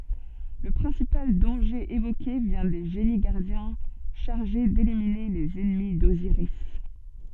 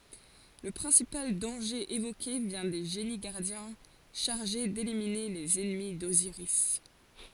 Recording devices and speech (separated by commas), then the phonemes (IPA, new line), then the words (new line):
soft in-ear microphone, forehead accelerometer, read sentence
lə pʁɛ̃sipal dɑ̃ʒe evoke vjɛ̃ de ʒeni ɡaʁdjɛ̃ ʃaʁʒe delimine lez ɛnmi doziʁis
Le principal danger évoqué vient des génies-gardiens chargés d'éliminer les ennemis d'Osiris.